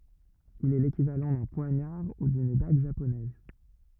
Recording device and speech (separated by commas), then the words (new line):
rigid in-ear microphone, read sentence
Il est l'équivalent d'un poignard ou d'une dague japonaise.